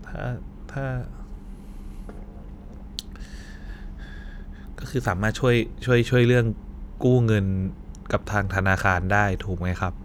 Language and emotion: Thai, sad